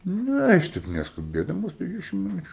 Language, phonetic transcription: Lithuanian, ˈne aš ˈteip neskuˈbėdamas per ˈdvidešim miˈnučiu

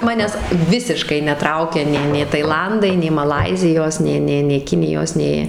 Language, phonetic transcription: Lithuanian, ˈmanęs ˈvisiškai neˈtraukia nei nė taiˈlandai nei maˈlaizijos ˈnė ˈnė nė ˈkinijos ˈnė

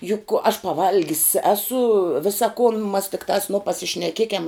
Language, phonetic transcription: Lithuanian, juk aš paˈvalgis ˈesu ˈvisa kun mas tikˈtās nu pasišneˈkiekiam

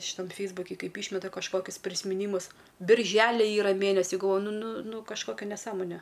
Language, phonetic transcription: Lithuanian, šiˈtam ˈfeisbuki ˈkaip ˈyšmeta kažˈkokius prismiˈnymus birˈželi ˈyra ˈmėnesi galˈvoju ˈnu ˈnu ˈnu kažˈkokia neˈsąmone

